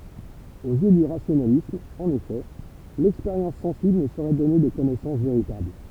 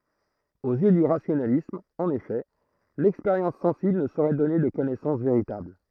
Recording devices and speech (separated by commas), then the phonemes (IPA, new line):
temple vibration pickup, throat microphone, read sentence
oz jø dy ʁasjonalism ɑ̃n efɛ lɛkspeʁjɑ̃s sɑ̃sibl nə soʁɛ dɔne də kɔnɛsɑ̃s veʁitabl